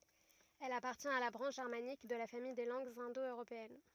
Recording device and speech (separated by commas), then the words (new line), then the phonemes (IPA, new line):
rigid in-ear microphone, read sentence
Elle appartient à la branche germanique de la famille des langues indo-européennes.
ɛl apaʁtjɛ̃t a la bʁɑ̃ʃ ʒɛʁmanik də la famij de lɑ̃ɡz ɛ̃do øʁopeɛn